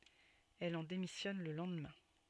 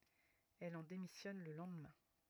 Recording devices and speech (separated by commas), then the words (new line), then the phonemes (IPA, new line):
soft in-ear microphone, rigid in-ear microphone, read sentence
Elle en démissionne le lendemain.
ɛl ɑ̃ demisjɔn lə lɑ̃dmɛ̃